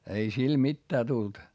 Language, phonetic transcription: Finnish, ei sil mittää tult .
- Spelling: ei sille mitään tullut

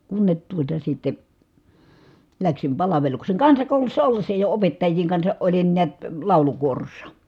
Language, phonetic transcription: Finnish, kunnet tuota sitte , läksim palaveluksèŋ kansakòulussa ollessa jo opettajjiiŋ kansaʼ ʼolin niät , làulukuorossa .
- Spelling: kunne tuota sitten lähdin palvelukseen kansakoulussa ollessa jo opettajien kanssa olin näet laulukuorossa

